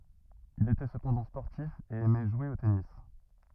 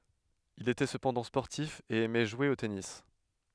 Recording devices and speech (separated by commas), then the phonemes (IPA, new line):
rigid in-ear microphone, headset microphone, read sentence
il etɛ səpɑ̃dɑ̃ spɔʁtif e ɛmɛ ʒwe o tenis